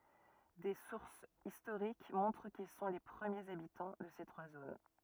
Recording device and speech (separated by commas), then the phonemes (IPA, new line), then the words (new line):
rigid in-ear microphone, read sentence
de suʁsz istoʁik mɔ̃tʁ kil sɔ̃ le pʁəmjez abitɑ̃ də se tʁwa zon
Des sources historiques montrent qu'ils sont les premiers habitants de ces trois zones.